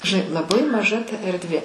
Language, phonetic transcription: Lithuanian, žiˈnai laˈbai maˈža ta erdˈvė

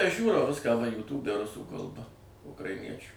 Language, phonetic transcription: Lithuanian, aš ˈžiūrau ˈviską va jūˈtūbe ˈrusų kalˈba ukraiˈniečiu

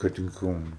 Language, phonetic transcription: Lithuanian, kad in ˈkauna

